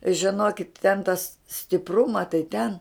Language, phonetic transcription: Lithuanian, žiˈnokit ten tas stiˈpruma tai ten

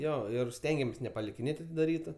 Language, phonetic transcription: Lithuanian, ˈjo ˈir ˈstengiamės nepalikiˈnėt' atidaˈrytu

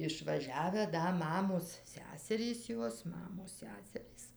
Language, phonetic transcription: Lithuanian, išvaˈžiavę ˈda ˈmamos ˈseserys ˈjos ˈmamos ˈseserys

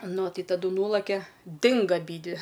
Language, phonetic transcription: Lithuanian, ˈnu ˈtai taˈdu ˈnūlakia ˈdinga aˈbydvi

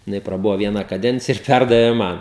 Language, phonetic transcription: Lithuanian, jiˈnai praˈbuvo ˈviena kaˈdencija ir ˈpærdavė ˈman

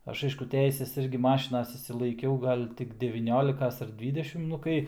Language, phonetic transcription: Lithuanian, ˈaš ˈaišku ˈteises ˈirgi ˈmašinas išsilaiˈkiau ˈgal' tik devyˈniolikas ar ˈdvydešim ˈnu kai

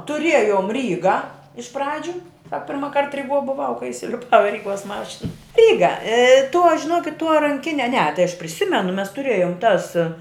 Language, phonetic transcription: Lithuanian, tuˈriejom ˈryga iš ˈpradžiu ˈsak pirmaˈkart riˈguo buˈvau kai isiliˈpau i ˈryˌguos ˈmašin ˈryga tuo žiˈnuokit tuo ranˈkine ne tai aš priˈsimenu mes tuˈrėjum tas

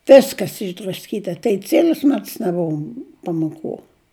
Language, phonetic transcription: Lithuanian, ˈviskas išdrasˈkyta tai ˈciel'us ˈmets neˈbuvo pamoˈkų

